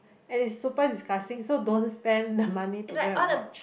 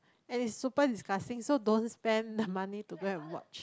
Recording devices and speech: boundary microphone, close-talking microphone, conversation in the same room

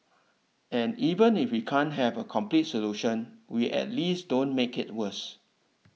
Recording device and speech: mobile phone (iPhone 6), read sentence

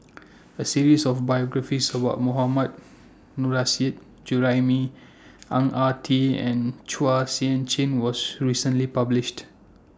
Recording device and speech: standing microphone (AKG C214), read sentence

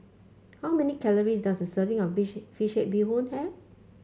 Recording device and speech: mobile phone (Samsung C5), read sentence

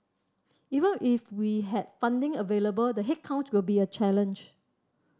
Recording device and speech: standing microphone (AKG C214), read sentence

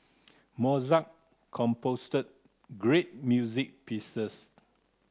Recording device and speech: close-talking microphone (WH30), read sentence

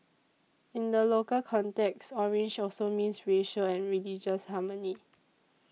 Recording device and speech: mobile phone (iPhone 6), read sentence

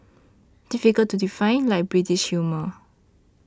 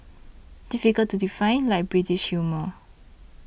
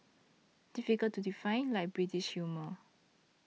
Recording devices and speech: standing microphone (AKG C214), boundary microphone (BM630), mobile phone (iPhone 6), read sentence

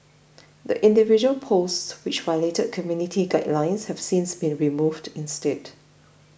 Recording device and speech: boundary microphone (BM630), read sentence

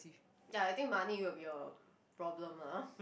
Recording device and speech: boundary microphone, conversation in the same room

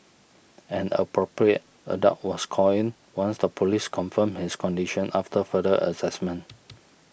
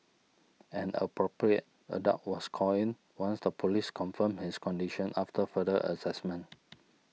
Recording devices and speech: boundary microphone (BM630), mobile phone (iPhone 6), read sentence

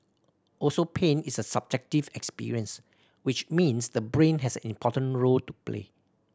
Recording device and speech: standing microphone (AKG C214), read sentence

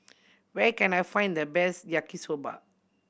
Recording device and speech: boundary microphone (BM630), read sentence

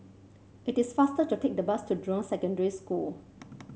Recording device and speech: mobile phone (Samsung C7), read sentence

